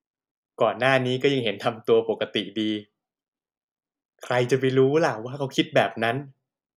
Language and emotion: Thai, happy